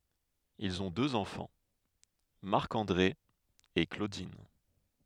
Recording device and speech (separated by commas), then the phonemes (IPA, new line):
headset microphone, read sentence
ilz ɔ̃ døz ɑ̃fɑ̃ maʁk ɑ̃dʁe e klodin